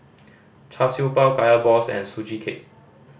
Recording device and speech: boundary microphone (BM630), read sentence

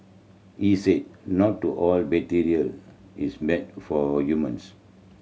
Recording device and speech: mobile phone (Samsung C7100), read sentence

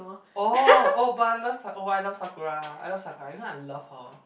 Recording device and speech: boundary microphone, conversation in the same room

